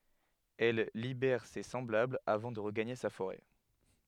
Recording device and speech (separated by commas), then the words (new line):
headset microphone, read sentence
Elle libère ses semblables avant de regagner sa forêt.